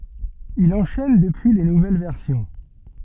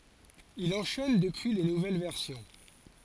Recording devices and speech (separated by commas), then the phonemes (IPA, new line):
soft in-ear microphone, forehead accelerometer, read sentence
il ɑ̃ʃɛn dəpyi le nuvɛl vɛʁsjɔ̃